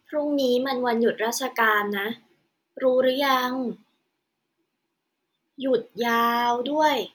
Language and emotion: Thai, neutral